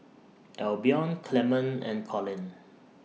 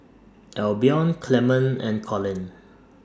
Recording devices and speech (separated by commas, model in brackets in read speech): mobile phone (iPhone 6), standing microphone (AKG C214), read sentence